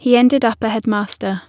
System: none